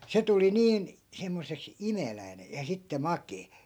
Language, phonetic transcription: Finnish, 'se tuli 'niin , 'semmos̀eks , "imeläi̮ne , ja 'sitte "makee .
- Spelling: se tuli niin semmoiseksi imeläinen ja sitten makea

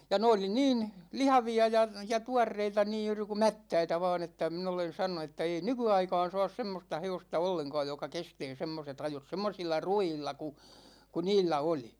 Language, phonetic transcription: Finnish, ja 'ne oli "niin , 'lihavi₍a ja , ja 'tuarreita niij̆ juuri ku "mättäitä va̭a̭n ‿että , 'min ‿olen̬ sano(nu) että ei "nyky₍aika̭a̭n̬ 'sa̭a̭s 'semmosta 'he₍osta 'olleŋkaaj joka 'kestee semmoset ‿ajot , 'semmosilla "ru₍iilla ku , ku "niillä 'oli .
- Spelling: ja ne oli niin lihavia ja ja tuoreita niin juuri kuin mättäitä vain että minä olen sanonut että ei nykyaikaan saa semmoista hevosta ollenkaan joka kestää semmoiset ajot semmoisilla ruuilla kuin kuin niillä oli

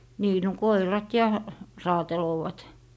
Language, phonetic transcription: Finnish, 'nii no 'koirat "ja , "raateloovat .
- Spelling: niin no koirat ja raatelevat

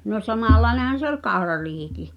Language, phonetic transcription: Finnish, no 'samallai̬nehan̬ se ‿oĺ "kau̬rariihiki .
- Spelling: no samanlainen se oli kaurariihikin

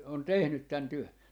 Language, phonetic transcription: Finnish, on "tehnyt 'tän 'työ » .
- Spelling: on tehnyt tämän työn

